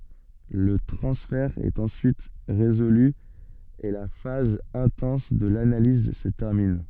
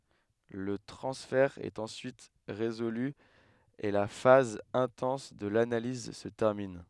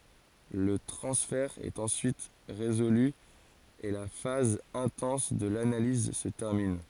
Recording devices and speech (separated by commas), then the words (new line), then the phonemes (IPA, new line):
soft in-ear microphone, headset microphone, forehead accelerometer, read sentence
Le transfert est ensuite résolu et la phase intense de l'analyse se termine.
lə tʁɑ̃sfɛʁ ɛt ɑ̃syit ʁezoly e la faz ɛ̃tɑ̃s də lanaliz sə tɛʁmin